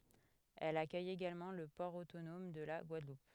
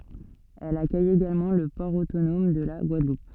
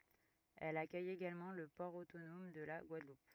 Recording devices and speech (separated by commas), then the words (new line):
headset microphone, soft in-ear microphone, rigid in-ear microphone, read sentence
Elle accueille également le port autonome de la Guadeloupe.